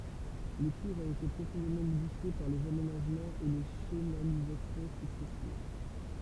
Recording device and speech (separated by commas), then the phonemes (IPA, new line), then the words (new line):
temple vibration pickup, read sentence
lə kuʁz a ete pʁofɔ̃demɑ̃ modifje paʁ lez amenaʒmɑ̃z e le ʃənalizasjɔ̃ syksɛsiv
Le cours a été profondément modifié par les aménagements et les chenalisations successives.